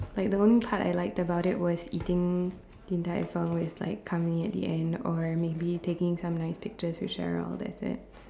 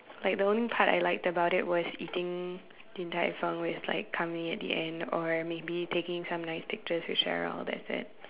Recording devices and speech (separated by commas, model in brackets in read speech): standing microphone, telephone, conversation in separate rooms